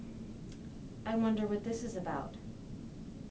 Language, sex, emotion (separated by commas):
English, female, neutral